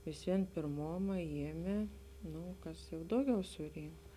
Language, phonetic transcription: Lithuanian, visˈvien pėrˈmoma ˈjiemė ˈnū ˈkas jau ˈdauˌgiau suˈrynk

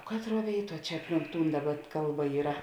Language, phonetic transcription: Lithuanian, ˈkatˌruo ˈvėiˌtuo ˈčia ˈapˌlink ˈtūn ˈdaˌba ˈkalˌba ˈyra

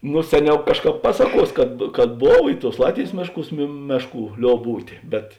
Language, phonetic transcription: Lithuanian, no ˈseˌniau ˈkažˌkāp ˈpasaˌkuos kad kad ˈbov i tuos ˈlatvėjs ˈmėšˌkūs mė ˈmešˌkų ˈliob ˈbūtė bet

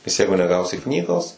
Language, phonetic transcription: Lithuanian, nes ˈjeigu neˈgausi ˈknygos

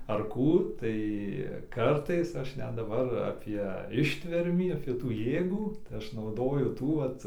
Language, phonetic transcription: Lithuanian, ar ˈkų ˈtai ˈkartais ˈaš ˈnet daˈbar ˈapie ˈištvermį ˈfitų ˈjėgų tai ˈaš nauˈdoju ˈtų ˈvat

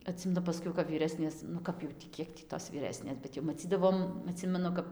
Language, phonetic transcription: Lithuanian, aˈtsimenu paˈskiau kap vyˈresnės nu ˈkap jau tį ˈkiek tį tos vyˈresnės bet jau maˈcydavom aˈtsimenu kap

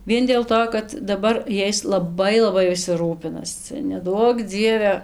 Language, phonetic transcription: Lithuanian, ˈvien dėl ˈto kad daˈbar ˈjais laˈbai laˈbai viˈsi ˈrūpinas ˈcia neˈduok ˈdzieve

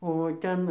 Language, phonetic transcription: Lithuanian, o ˈten

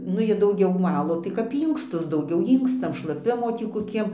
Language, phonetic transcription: Lithuanian, ˈnu ˈjie dauˈgiau ˈvalo tai kap ˈynkstus dauˈgiau ˈynkstam šlaˈpimo ˈtį koˈkiem

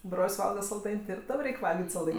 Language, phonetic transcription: Lithuanian, ˈbrol's' ˈvalga salˈdain' ti ir ˈtam ˈreik' ˈvalgit' salˈdain'

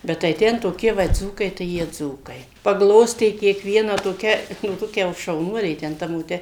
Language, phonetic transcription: Lithuanian, bet tai ˈten toˈkie ˈva ˈdzūkai tai ˈjie ˈdzūkai pagˈlostė kiekˈvieną toˈkia jau ˈtokia jau šauˈnuolė ten ˈta moˈte

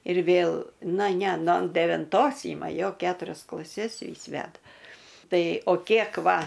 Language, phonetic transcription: Lithuanian, ir ˈvėl ˈna ˈne no devinˈtos ˈyma ˈjo ˈketurias klaˈses ˈvys ˈveda ˈtai o ˈkiek ˈva

